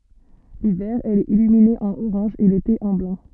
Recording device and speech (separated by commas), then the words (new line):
soft in-ear microphone, read sentence
L'hiver, elle est illuminée en orange et l'été en blanc.